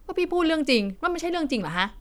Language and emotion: Thai, frustrated